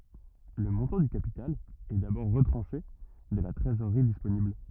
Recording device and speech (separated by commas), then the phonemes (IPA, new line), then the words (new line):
rigid in-ear microphone, read sentence
lə mɔ̃tɑ̃ dy kapital ɛ dabɔʁ ʁətʁɑ̃ʃe də la tʁezoʁʁi disponibl
Le montant du capital est d'abord retranché de la trésorerie disponible.